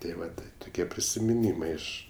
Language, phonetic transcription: Lithuanian, tė ˈvat tai tuˈkie prisimiˈnymai ˈiš

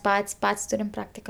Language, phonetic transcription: Lithuanian, ˈpat's' ˈpat's' ˈturim ˈpraktika

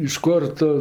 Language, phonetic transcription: Lithuanian, iš ˈkor ˈtu

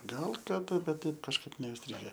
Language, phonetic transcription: Lithuanian, ˈgal kaˈda ˈbet ˈtaip kažˈkaip neisˈtrige

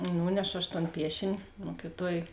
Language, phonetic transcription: Lithuanian, ˈnūnešo aš ton ˈpiešini ˈmokiˌtuoj

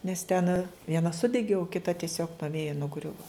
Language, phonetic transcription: Lithuanian, nes ten vieˈna ˈsudegi o kiˈta tiˈsiog nuo ˈvėja nuˈgriuva

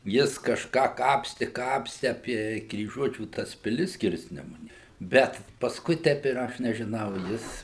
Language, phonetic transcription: Lithuanian, ˈjis kažˈką ˈkapsti ˈkapsti apie kryˈžuočių ˈtas piˈlis ˈskirsnemunė ˈbet pasˈkui ˈtep ir ˈaš nežiˈnau ˈjis

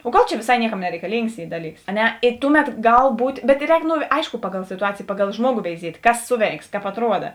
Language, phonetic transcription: Lithuanian, o ˈgal čia vėˈsai ˈnieˌkam nereikaˈlyngs ˈy ˈdaˌlyks a ˈne i ˈtuˌmet ˈgal ˈbūt' bet ˈrēk no ˈaiško ˈpaˌgal situˈacėjė ˈpaˌgal ˈžmuogo veiˈziet' ˈkas ˈsuˌveiks kāp atˈruoda

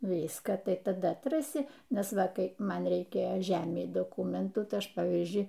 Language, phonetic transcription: Lithuanian, ˈnu ˈvyską ˈtai taˈda atˈrasi ˈnes ˈva ˈkai ˈman reiˈkėjo ˈžemei doˈkūmentų ˈtai ˈaš ˈpavyzdžiui

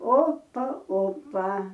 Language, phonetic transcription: Lithuanian, ˈopa ˈopa

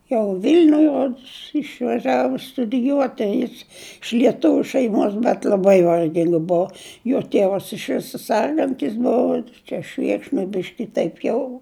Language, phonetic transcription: Lithuanian, jau ˈvilniuj ˈrods išvaˈžiavo studiˈjuoti ˈjis iš lieˈtuviu šeiˈmos bet l'aˈbai varˈging ˈbuu jo ˈtėvas iš ˈviso ˈsergantis ˈbuvo ˈčia ˈšvėkšnoj ˈbiški ˈtaip jau

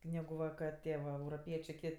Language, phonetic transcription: Lithuanian, ˈnegu ˈva ka ˈtie va euroˈpiečė ˈkit'

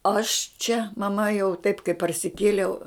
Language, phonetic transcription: Lithuanian, aš čia maˈma jau taip kai parsiˈkėliau

